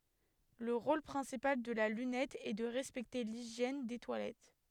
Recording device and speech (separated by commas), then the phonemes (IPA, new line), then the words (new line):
headset microphone, read sentence
lə ʁol pʁɛ̃sipal də la lynɛt ɛ də ʁɛspɛkte liʒjɛn de twalɛt
Le rôle principal de la lunette est de respecter l'hygiène des toilettes.